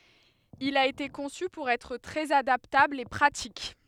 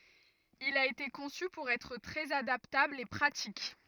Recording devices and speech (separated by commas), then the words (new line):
headset microphone, rigid in-ear microphone, read sentence
Il a été conçu pour être très adaptable et pratique.